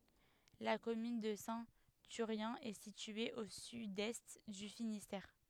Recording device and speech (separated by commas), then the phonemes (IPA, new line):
headset microphone, read sentence
la kɔmyn də sɛ̃ tyʁjɛ̃ ɛ sitye o sydɛst dy finistɛʁ